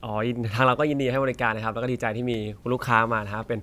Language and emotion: Thai, neutral